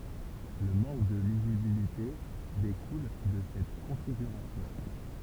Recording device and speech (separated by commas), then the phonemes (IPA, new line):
temple vibration pickup, read sentence
lə mɑ̃k də lizibilite dekul də sɛt kɔ̃fiɡyʁasjɔ̃